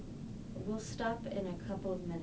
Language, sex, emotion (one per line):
English
female
neutral